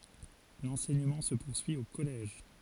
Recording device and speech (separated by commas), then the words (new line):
forehead accelerometer, read sentence
L'enseignement se poursuit au collège.